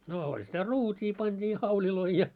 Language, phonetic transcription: Finnish, 'noo oĺ sitä "ruut́ii panᴅii 'hauĺiloi ja .
- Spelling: no oli sitä ruutia pantiin hauleja ja

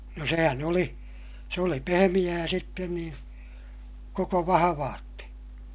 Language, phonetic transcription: Finnish, no sehän ‿oli , se oli pehemiʲää sitten niin , koko vahavaatte .
- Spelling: no sehän oli se oli pehmeää sitten niin koko vahvalti

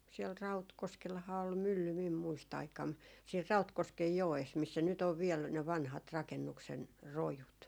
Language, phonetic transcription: Finnish, siɛl 'Rautkoskelhaa ol "mylly mim 'muist ‿aikam , siir "Rautkoskej 'joes missä nyt ‿on viɛl ne vanhat 'rakennuksen , "rojut .
- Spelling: siellä Rautkoskellahan oli mylly minun - muistiaikana siinä Rautkosken joessa missä nyt on vielä ne vanhat rakennuksen rojut

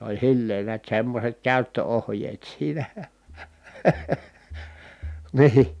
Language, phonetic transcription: Finnish, se oĺ (s)illeen niät semmośet kä̀yttö₍ohjeet siinÄ , ni₍ih .
- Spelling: se oli silleen näet semmoiset käyttöohjeet siinä niin

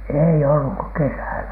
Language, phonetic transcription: Finnish, èi olluk ko "kesä̀lä .
- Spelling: ei ollut kuin kesällä

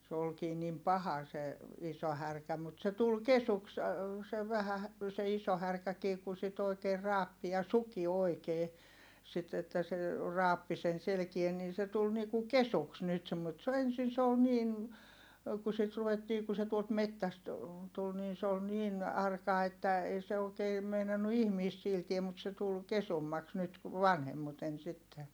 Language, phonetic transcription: Finnish, se olkii nim paha se , iso härkä mut se tul kesuks , se vähä hä- , se iso härkäkii ku sit ‿oikeer raappi ja suki oikee , sit että se , raappi sen selᵉkie nii se tul ni ku kesuks nyt semmo- et se ‿o ensin se ol niin , ku sit ruvettii ku se tuolt mettäst , tul niin se ol niin , arka että , ei se ookee , meinannu ihmiist siiltie mut se tul , kesummaks nyt , vanhemmuten sitte .
- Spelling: se olikin niin paha se iso härkä mutta se tuli kesyksi se vähän - se iso härkäkin kun sitä oikein raapi ja suki oikein sitten että se raapi sen selkää niin se tuli niin kuin kesyksi nyt - että se oli ensin se oli niin kun sitten ruvettiin kun se tuolta metsästä tuli niin se oli niin arka että ei se oikein meinannut ihmistä sietää mutta se tuli kesymmäksi nyt vanhemmiten sitten

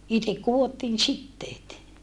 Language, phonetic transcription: Finnish, itek kuvottiin sitteet .
- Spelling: itse kudottiin siteet

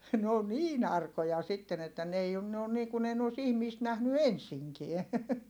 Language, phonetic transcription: Finnish, n ‿oo niin ‿arkoja sitten ‿että n ‿ei on - ne on niikun ‿ei ne os ihmiist nähny ensiŋkiɛ .
- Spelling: ne on niin arkoja sitten että ne ei on ne on niin kuin ei ne olisi ihmistä nähnyt ensinkään

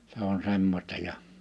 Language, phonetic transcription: Finnish, se ‿on 'semmośta ja ,.
- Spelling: se on semmoista ja

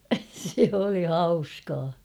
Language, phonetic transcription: Finnish, se oli "hauskaa .
- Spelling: se oli hauskaa

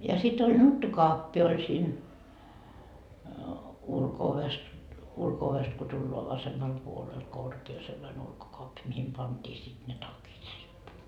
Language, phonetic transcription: Finnish, ja sit ‿oĺ 'nuttukoappi oĺ siin , 'ulko₍oves , ulko₍ovest ko tulloa 'vasemmal puolel 'korkee sellane 'ulkokoappi mihim 'pant́ii sit ne 'takit riippu .
- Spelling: ja sitten oli nuttukaappi oli siinä ulko-ovessa ulko-ovesta kun tullaan vasemmalla puolella korkea sellainen ulkokaappi mihin pantiin sitten ne takit riippui

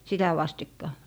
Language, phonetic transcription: Finnish, sitä 'vastikka .
- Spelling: sitä vastikka

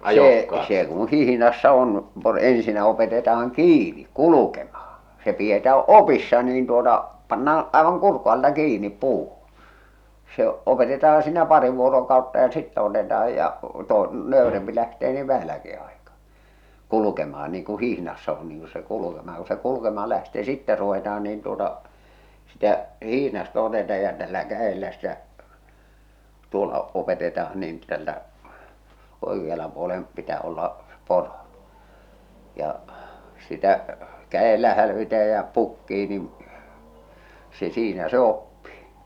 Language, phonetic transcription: Finnish, see , se kuṵ 'hihⁱnassa on , por- 'ensinä opeteta₍aŋ "kiini , "kulukemahᴀ , se pietää "opissa niin tuota , 'pannaan̬ , 'aevaŋ 'kurk̆ku alta "kiinip "puuhᴜɴ , se 'opetetaan siinä 'pari vuorokautta ja "sittä oteta₍aj ja , to- , 'nö̀y̬rempi lähtee niiv 'vähäläki aekaa , 'kulukema₍an niiŋ ku 'hihnassa on niiŋ ku se 'kulukema̳ ja ku se 'kulukemaal lähtee ni "sittä ruvetaan niin tuota , sitä , 'hihnasta otetaaj ja tällä 'kä₍ellä stä , 'tuolla 'opeteta₍an niin tältä , 'oekiala puolem , 'pitä olla , ˢᵉ 'poro , ja , sitä , 'kä₍ellä hälvitä ja pukkii nin , se 'siinä se 'oppii .
- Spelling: se se kun hihnassa on - ensinnä opetetaan kiinni kulkemaan se pidetään opissa niin tuota pannaan aivan kurkun alta kiinni puuhun se opetetaan siinä pari vuorokautta ja sitten otetaan ja - nöyrempi lähtee niin vähälläkin aikaa kulkemaan niin kun hihnassa on niin kun se kulkemaan ja kun se kulkemaan lähtee niin sitten ruvetaan niin tuota sitä hihnasta otetaan ja tällä kädellä sitä tuolla opetetaan niin tältä oikealla puolen pitää olla se poro ja sitä kädellä hälvitä ja pukkia niin se siinä se oppii

